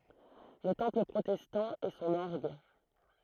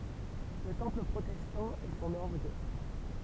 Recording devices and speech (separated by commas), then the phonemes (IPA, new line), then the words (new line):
throat microphone, temple vibration pickup, read sentence
lə tɑ̃pl pʁotɛstɑ̃ e sɔ̃n ɔʁɡ
Le Temple protestant et son orgue.